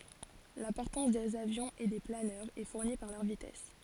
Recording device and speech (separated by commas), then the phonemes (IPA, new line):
forehead accelerometer, read sentence
la pɔʁtɑ̃s dez avjɔ̃z e de planœʁz ɛ fuʁni paʁ lœʁ vitɛs